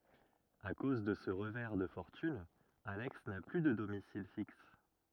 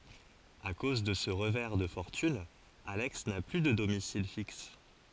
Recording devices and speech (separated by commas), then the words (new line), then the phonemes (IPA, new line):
rigid in-ear microphone, forehead accelerometer, read sentence
À cause de ce revers de fortune, Alex n'a plus de domicile fixe.
a koz də sə ʁəvɛʁ də fɔʁtyn alɛks na ply də domisil fiks